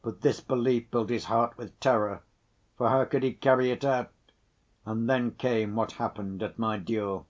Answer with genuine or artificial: genuine